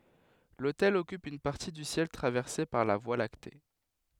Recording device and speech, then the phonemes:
headset microphone, read sentence
lotɛl ɔkyp yn paʁti dy sjɛl tʁavɛʁse paʁ la vwa lakte

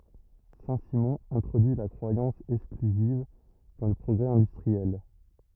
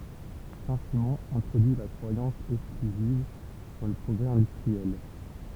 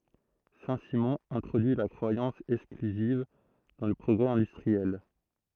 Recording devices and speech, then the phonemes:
rigid in-ear microphone, temple vibration pickup, throat microphone, read sentence
sɛ̃ simɔ̃ ɛ̃tʁodyi la kʁwajɑ̃s ɛksklyziv dɑ̃ lə pʁɔɡʁɛ ɛ̃dystʁiɛl

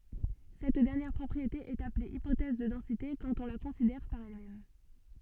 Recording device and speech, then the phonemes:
soft in-ear microphone, read sentence
sɛt dɛʁnjɛʁ pʁɔpʁiete ɛt aple ipotɛz də dɑ̃site kɑ̃t ɔ̃ la kɔ̃sidɛʁ paʁ ɛl mɛm

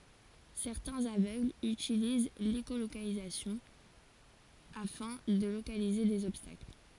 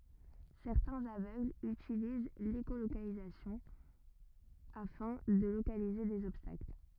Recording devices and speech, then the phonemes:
forehead accelerometer, rigid in-ear microphone, read sentence
sɛʁtɛ̃z avøɡlz ytiliz leʃolokalizasjɔ̃ afɛ̃ də lokalize dez ɔbstakl

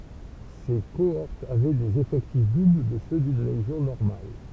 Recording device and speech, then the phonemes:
temple vibration pickup, read sentence
se koɔʁtz avɛ dez efɛktif dubl də sø dyn leʒjɔ̃ nɔʁmal

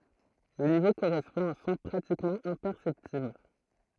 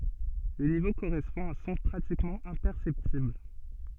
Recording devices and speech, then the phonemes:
throat microphone, soft in-ear microphone, read sentence
lə nivo koʁɛspɔ̃ a œ̃ sɔ̃ pʁatikmɑ̃ ɛ̃pɛʁsɛptibl

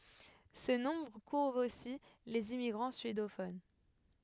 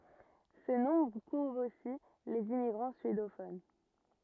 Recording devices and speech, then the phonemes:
headset microphone, rigid in-ear microphone, read sentence
sə nɔ̃bʁ kuvʁ osi lez immiɡʁɑ̃ syedofon

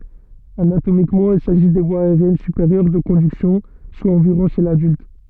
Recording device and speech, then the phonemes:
soft in-ear microphone, read sentence
anatomikmɑ̃ il saʒi de vwaz aeʁjɛn sypeʁjœʁ də kɔ̃dyksjɔ̃ swa ɑ̃viʁɔ̃ ʃe ladylt

